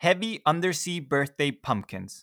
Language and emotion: English, surprised